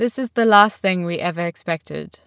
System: none